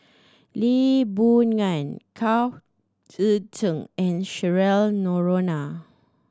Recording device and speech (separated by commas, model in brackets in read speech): standing microphone (AKG C214), read sentence